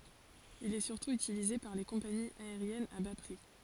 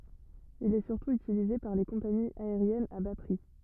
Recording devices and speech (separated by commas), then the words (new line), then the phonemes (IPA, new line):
forehead accelerometer, rigid in-ear microphone, read sentence
Il est surtout utilisé par les compagnies aériennes à bas prix.
il ɛ syʁtu ytilize paʁ le kɔ̃paniz aeʁjɛnz a ba pʁi